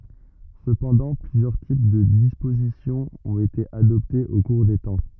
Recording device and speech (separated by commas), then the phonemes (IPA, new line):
rigid in-ear microphone, read sentence
səpɑ̃dɑ̃ plyzjœʁ tip də dispozisjɔ̃ ɔ̃t ete adɔptez o kuʁ de tɑ̃